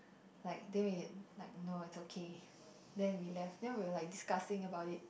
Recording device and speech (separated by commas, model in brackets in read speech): boundary microphone, conversation in the same room